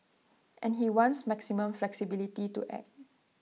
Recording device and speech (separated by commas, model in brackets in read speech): mobile phone (iPhone 6), read sentence